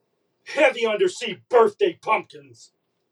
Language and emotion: English, disgusted